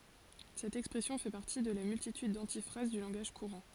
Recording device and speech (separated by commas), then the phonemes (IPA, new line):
forehead accelerometer, read sentence
sɛt ɛkspʁɛsjɔ̃ fɛ paʁti də la myltityd dɑ̃tifʁaz dy lɑ̃ɡaʒ kuʁɑ̃